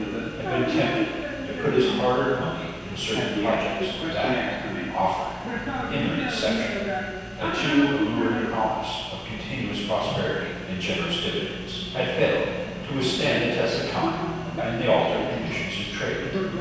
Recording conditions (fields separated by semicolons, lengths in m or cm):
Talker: one person; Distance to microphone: 7.1 m; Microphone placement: far; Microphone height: 1.7 m; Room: very reverberant, large; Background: television